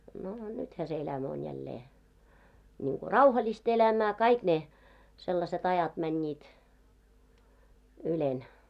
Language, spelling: Finnish, no nythän se elämä on jälleen niin kuin rauhallista elämää kaikki ne sellaiset ajat menivät ylen
- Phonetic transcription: noo , "nythä se elämä on 'jällee , niiŋko "rauhalis't ‿elämää , 'kaik ne , sellaset ‿ajat 'mäńńiit , 'ylen .

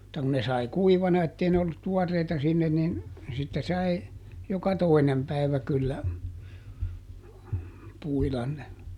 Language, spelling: Finnish, mutta kun ne sai kuivana että ei ne ollut tuoreita sinne niin sitten sai joka toinen päivä kyllä puida ne
- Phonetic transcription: [mut]ta kun ne ˈsai "kuivana ettei ne ollut "tuɔrreita sinnen nin , sitte ˈsai , joka "toinem päivä kyllä , ˈpuilan ne .

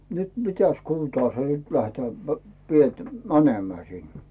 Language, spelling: Finnish, nyt mitäs suuntaa se nyt lähdetään - sieltä menemään sinne
- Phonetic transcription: » nyt "mitäs 'kuuⁿtaa se nyt lähtää p- , sielt 'mänemää sin ? « .

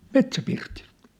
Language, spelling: Finnish, Metsäpirtiltä
- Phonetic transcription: Metsä'pirtilt !

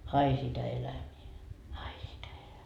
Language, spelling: Finnish, ai sitä elämää ai sitä -
- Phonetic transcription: 'ai sitä elämii , 'ai sitä elä- .

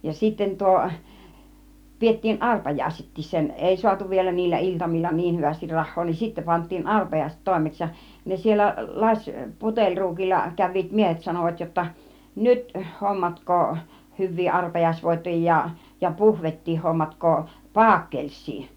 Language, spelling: Finnish, ja sitten - pidettiin arpajaisetkin sen ei saatu vielä niillä iltamilla niin hyvästi rahaa niin sitten pantiin arpajaiset toimeksi ja ne siellä lasi puteliruukilla kävivät miehet sanoivat jotta nyt hommatkaa hyviä arpajaisvoittoja ja puhvettiin hommatkaa paakelssia
- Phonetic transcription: ja 'sitten 'tuo- , 'piettiin "ˀarpajaisettiis 'sen , "èi 'soatu vielä niillä 'iltamil͕l͕a "niih hyvästir 'rah̆hoo niin 'sittä pant̆tiin "arpajàiset 'tòimeks ja , 'ne 'siellä , 'laś , 'puteĺruukilla 'käv̆viit "miehet 'sanovat jotta , » "nyt , 'hommatk̀oo , 'hyv̆vii 'arpajaisvoittoja , ja 'puhvettii hommatk̀oo , "paakkelssii .

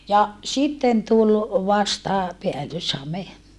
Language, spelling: Finnish, ja sitten tuli vasta päällyshame
- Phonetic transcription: ja , sitten tulʼ , vasta , peällyshame .

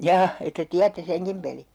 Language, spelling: Finnish, jaa että tiedätte senkin pelin
- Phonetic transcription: "jaa , että 'tiätte 'seŋkim peli .

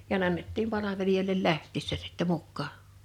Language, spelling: Finnish, ja ne annettiin palvelijoille lähtiessä sitten mukaan
- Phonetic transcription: ja ne 'annettiim 'palaveliᴶoil̀el 'läht̆tiissä sɪttɛ 'mukkaa .

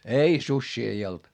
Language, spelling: Finnish, ei susia ei ollut
- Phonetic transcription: ei , suśśii ei olD .

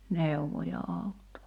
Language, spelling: Finnish, neuvoi ja auttoi
- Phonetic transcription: 'nèuvo ja 'àutto .

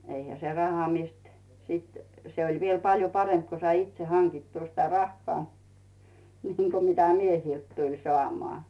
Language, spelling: Finnish, eihän se raha mistä sitten se oli vielä paljon parempi kun sai itse hankittua sitä rahaa niin kuin mitä miehiltä tuli saamaan
- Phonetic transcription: 'eihä se "raha 'mist , sit , se oĺ viel 'paljo "paremp ko sai 'itse "haŋkittuu sitä 'rahhᵒà , niiŋ ko 'mitä "miehilt tuĺ 'soàmoà .

